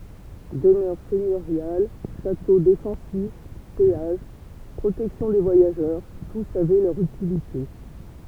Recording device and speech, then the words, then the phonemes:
temple vibration pickup, read sentence
Demeures seigneuriales, châteaux défensifs, péages, protection des voyageurs, tous avaient leur utilité.
dəmœʁ sɛɲøʁjal ʃato defɑ̃sif peaʒ pʁotɛksjɔ̃ de vwajaʒœʁ tus avɛ lœʁ ytilite

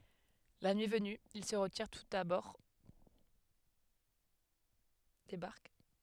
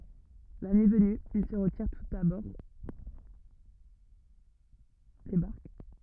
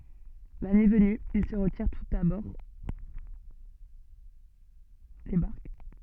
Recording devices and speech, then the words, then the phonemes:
headset microphone, rigid in-ear microphone, soft in-ear microphone, read sentence
La nuit venue, ils se retirent tous à bord des barques.
la nyi vəny il sə ʁətiʁ tus a bɔʁ de baʁk

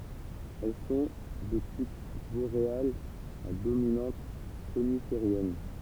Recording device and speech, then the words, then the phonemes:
temple vibration pickup, read sentence
Elles sont de type boréales à dominante coniférienne.
ɛl sɔ̃ də tip boʁealz a dominɑ̃t konifeʁjɛn

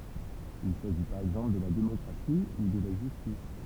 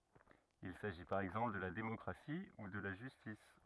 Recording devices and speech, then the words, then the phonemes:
temple vibration pickup, rigid in-ear microphone, read sentence
Il s'agit par exemple de la démocratie ou de la justice.
il saʒi paʁ ɛɡzɑ̃pl də la demɔkʁasi u də la ʒystis

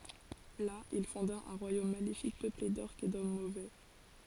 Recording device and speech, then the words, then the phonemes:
forehead accelerometer, read sentence
Là, il fonda un royaume maléfique peuplé d'Orques et d'hommes mauvais.
la il fɔ̃da œ̃ ʁwajom malefik pøple dɔʁkz e dɔm movɛ

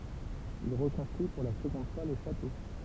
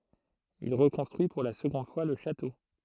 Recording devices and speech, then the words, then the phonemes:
temple vibration pickup, throat microphone, read sentence
Il reconstruit pour la seconde fois le château.
il ʁəkɔ̃stʁyi puʁ la səɡɔ̃d fwa lə ʃato

